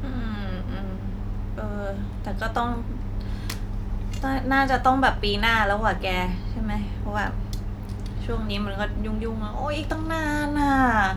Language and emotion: Thai, frustrated